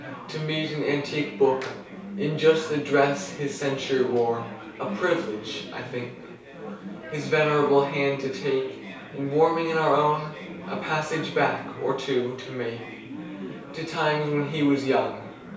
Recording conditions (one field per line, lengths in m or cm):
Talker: one person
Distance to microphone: 3.0 m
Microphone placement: far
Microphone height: 1.8 m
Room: small (3.7 m by 2.7 m)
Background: babble